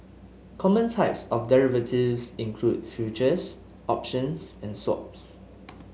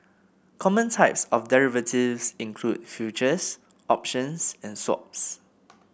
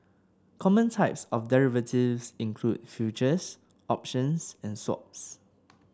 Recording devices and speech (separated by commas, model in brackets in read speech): mobile phone (Samsung S8), boundary microphone (BM630), standing microphone (AKG C214), read sentence